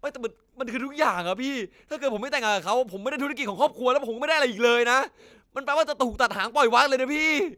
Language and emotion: Thai, frustrated